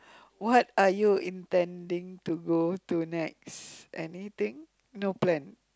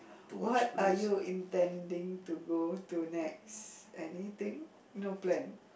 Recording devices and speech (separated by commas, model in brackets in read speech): close-talking microphone, boundary microphone, conversation in the same room